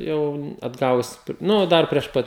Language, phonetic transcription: Lithuanian, ˈjau atˈgavus ˈnu ˈdar prieš ˈpat

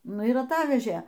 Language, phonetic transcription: Lithuanian, ˈnu ir aˈtavežė

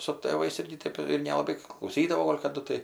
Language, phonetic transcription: Lithuanian, su ˈ tėvais ˈirgi ˈtėp ir nelaˈbai klauˈsydavo ˈgol' kaˈdu tai

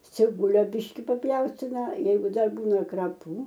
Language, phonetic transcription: Lithuanian, ciˈbulio ˈbiški papˈjaustina ˈjeigu ˈdar ˈbūna kraˈpų

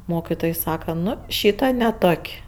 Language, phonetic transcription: Lithuanian, ˈmokitoj ˈsaka ˈnu ˈšyta ne ˈtok'

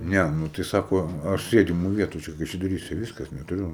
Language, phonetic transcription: Lithuanian, ˈne ˈnu tai ˈsako ˈaš ˈsėdimu ˈvietu ˈčia kaišiadoˈryse ˈvyskas netuˈriu

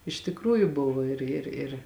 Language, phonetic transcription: Lithuanian, iš tikˈrųju ˈbuvo ˈir ir ir

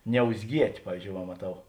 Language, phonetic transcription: Lithuanian, niauzˈgiet' ˈpavyzdžiou va maˈtau

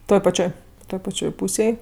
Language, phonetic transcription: Lithuanian, ˈtoj paˈčioj ˈtoj paˈčioj ˈpūsėj

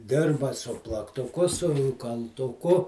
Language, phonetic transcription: Lithuanian, ˈdirba su plaktuˈku su kaltuˈku

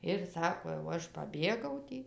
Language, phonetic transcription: Lithuanian, ir ˈsako jau ˈaš paˈbėgau ˈtį

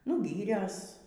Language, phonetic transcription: Lithuanian, nu ˈgyrias

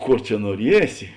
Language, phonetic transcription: Lithuanian, ˈkor čia nuoˈriesi

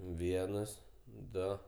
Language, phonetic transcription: Lithuanian, ˈvienas ˈdo

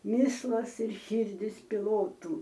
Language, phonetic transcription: Lithuanian, ˈmislas ir ˈšyrdis piˈlotų

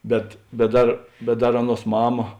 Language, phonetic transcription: Lithuanian, ˈbet bet ˈdar bet ˈdar ˈaˌnuos ˈmama

